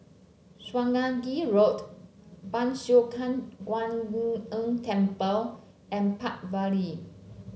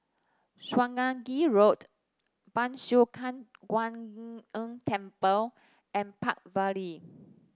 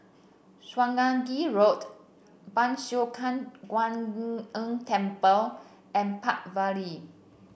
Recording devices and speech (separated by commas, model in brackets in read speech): mobile phone (Samsung C7), standing microphone (AKG C214), boundary microphone (BM630), read sentence